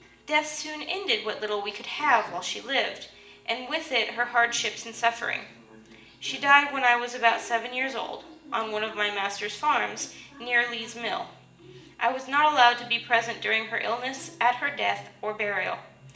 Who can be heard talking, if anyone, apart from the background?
One person.